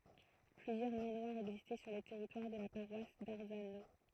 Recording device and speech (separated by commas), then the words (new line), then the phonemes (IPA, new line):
throat microphone, read sentence
Plusieurs manoirs existaient sur le territoire de la paroisse d'Arzano.
plyzjœʁ manwaʁz ɛɡzistɛ syʁ lə tɛʁitwaʁ də la paʁwas daʁzano